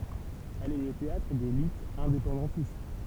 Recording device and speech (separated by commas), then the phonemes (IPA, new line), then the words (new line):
temple vibration pickup, read sentence
ɛl ɛ lə teatʁ de lytz ɛ̃depɑ̃dɑ̃tist
Elle est le théâtre des luttes indépendantistes.